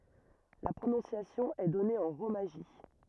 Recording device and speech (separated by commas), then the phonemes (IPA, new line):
rigid in-ear microphone, read sentence
la pʁonɔ̃sjasjɔ̃ ɛ dɔne ɑ̃ ʁomaʒi